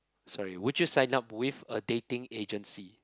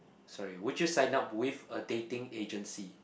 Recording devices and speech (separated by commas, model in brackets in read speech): close-talking microphone, boundary microphone, conversation in the same room